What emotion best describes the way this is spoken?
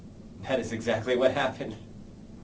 happy